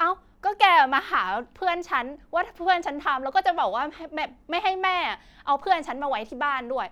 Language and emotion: Thai, angry